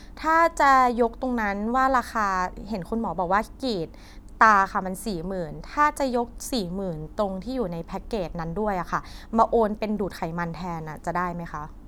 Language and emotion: Thai, neutral